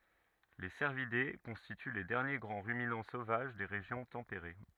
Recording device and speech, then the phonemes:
rigid in-ear microphone, read sentence
le sɛʁvide kɔ̃stity le dɛʁnje ɡʁɑ̃ ʁyminɑ̃ sovaʒ de ʁeʒjɔ̃ tɑ̃peʁe

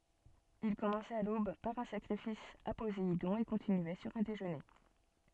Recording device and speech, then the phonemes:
soft in-ear microphone, read sentence
il kɔmɑ̃sɛt a lob paʁ œ̃ sakʁifis a pozeidɔ̃ e kɔ̃tinyɛ syʁ œ̃ deʒøne

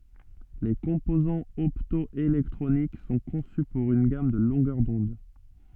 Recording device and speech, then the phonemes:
soft in-ear microphone, read sentence
le kɔ̃pozɑ̃z ɔptɔelɛktʁonik sɔ̃ kɔ̃sy puʁ yn ɡam də lɔ̃ɡœʁ dɔ̃d

